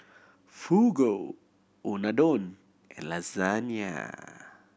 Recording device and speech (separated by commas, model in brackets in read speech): boundary microphone (BM630), read sentence